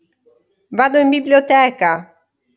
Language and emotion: Italian, happy